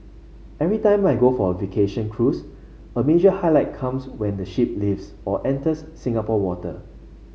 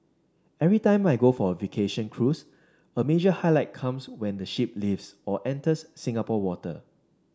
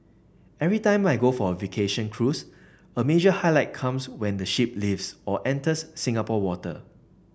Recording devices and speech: mobile phone (Samsung C5), standing microphone (AKG C214), boundary microphone (BM630), read sentence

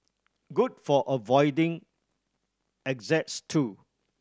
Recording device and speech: standing microphone (AKG C214), read sentence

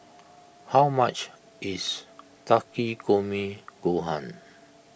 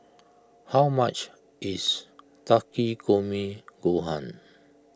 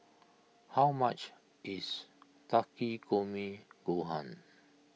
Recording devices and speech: boundary microphone (BM630), close-talking microphone (WH20), mobile phone (iPhone 6), read sentence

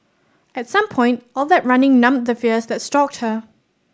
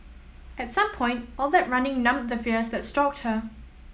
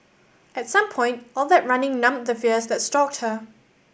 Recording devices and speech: standing microphone (AKG C214), mobile phone (iPhone 7), boundary microphone (BM630), read sentence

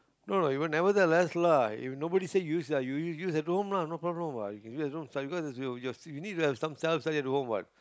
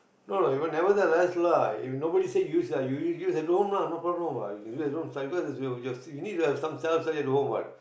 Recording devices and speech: close-talking microphone, boundary microphone, conversation in the same room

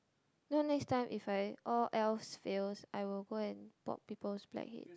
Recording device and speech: close-talking microphone, conversation in the same room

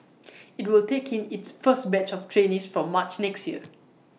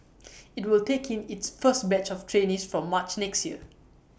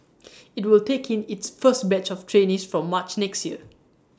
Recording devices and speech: mobile phone (iPhone 6), boundary microphone (BM630), standing microphone (AKG C214), read sentence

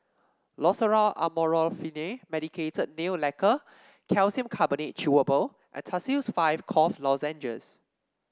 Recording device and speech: standing microphone (AKG C214), read sentence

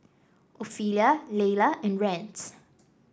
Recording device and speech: standing microphone (AKG C214), read sentence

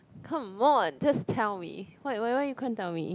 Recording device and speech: close-talking microphone, conversation in the same room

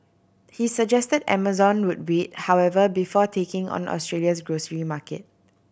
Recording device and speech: boundary microphone (BM630), read sentence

